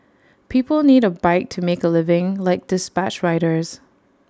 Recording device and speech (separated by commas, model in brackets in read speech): standing microphone (AKG C214), read sentence